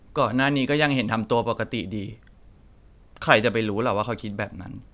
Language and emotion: Thai, sad